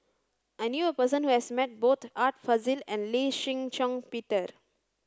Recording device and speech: standing microphone (AKG C214), read sentence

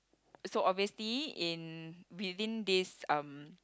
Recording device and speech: close-talking microphone, conversation in the same room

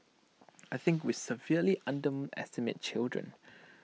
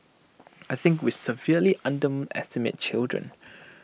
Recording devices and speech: mobile phone (iPhone 6), boundary microphone (BM630), read sentence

